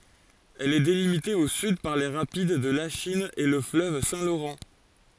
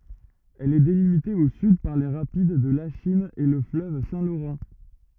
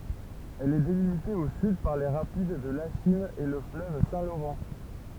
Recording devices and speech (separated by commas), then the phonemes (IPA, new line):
forehead accelerometer, rigid in-ear microphone, temple vibration pickup, read sentence
ɛl ɛ delimite o syd paʁ le ʁapid də laʃin e lə fløv sɛ̃ loʁɑ̃